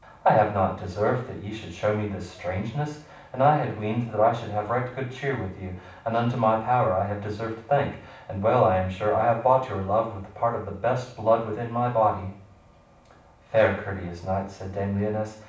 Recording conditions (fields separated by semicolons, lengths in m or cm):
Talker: one person; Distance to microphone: 5.8 m; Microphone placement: far; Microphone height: 1.8 m; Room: medium-sized (5.7 m by 4.0 m); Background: none